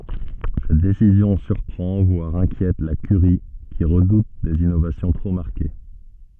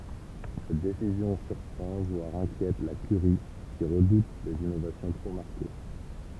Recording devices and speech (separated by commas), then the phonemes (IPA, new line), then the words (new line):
soft in-ear microphone, temple vibration pickup, read sentence
sɛt desizjɔ̃ syʁpʁɑ̃ vwaʁ ɛ̃kjɛt la kyʁi ki ʁədut dez inovasjɔ̃ tʁo maʁke
Cette décision surprend voire inquiète la curie qui redoute des innovations trop marquées.